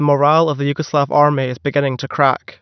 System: none